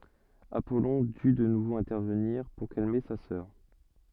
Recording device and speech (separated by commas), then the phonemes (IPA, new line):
soft in-ear microphone, read sentence
apɔlɔ̃ dy də nuvo ɛ̃tɛʁvəniʁ puʁ kalme sa sœʁ